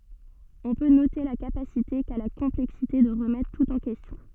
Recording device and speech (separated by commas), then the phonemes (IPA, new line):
soft in-ear microphone, read sentence
ɔ̃ pø note la kapasite ka la kɔ̃plɛksite də ʁəmɛtʁ tut ɑ̃ kɛstjɔ̃